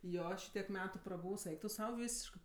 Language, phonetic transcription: Lithuanian, ˈjo ˈšytiek ˈmetu praˈbūvs ˈeik tu ˈsau ˈvysiškɜ

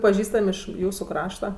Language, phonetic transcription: Lithuanian, paˈžįstam' ˈiš ˈjūsu ˈkrašta

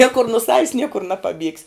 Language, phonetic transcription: Lithuanian, ˈniekur nu ˈsavis ˈniekur napaˈbiegs'

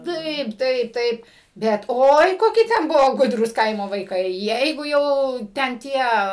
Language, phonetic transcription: Lithuanian, ˈtaip ˈtaip ˈtaip ˈbet ˈoi ˈkoki ˈten ˈbuvo ˈgudrūs ˈkaimo vaiˈkai ˈjeigu ˈjau ˈten ˈtie

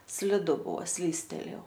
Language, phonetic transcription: Lithuanian, sliˈdu ˈbuo ˈslystelėjau

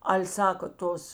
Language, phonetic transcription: Lithuanian, ˈal' ˈsaka ˈtos

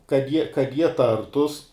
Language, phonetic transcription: Lithuanian, kad ˈjie kad ˈjie ˈtartus

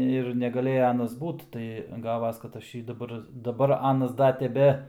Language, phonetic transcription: Lithuanian, ir negaˈlėja ˈanas ˈbūt tai ˈgavas kad ˈaš ˈjį daˈbar daˈbar ˈanas ˈda teˈbe

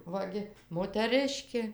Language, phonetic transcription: Lithuanian, ˈva gi moteˈrɨškė

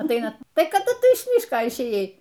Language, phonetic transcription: Lithuanian, atˈaina ˈtai kaˈdu ˈtu iš ˈmyško išˈėjai

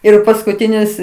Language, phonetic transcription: Lithuanian, ir paskuˈtinis

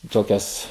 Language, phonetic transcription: Lithuanian, ˈtokias

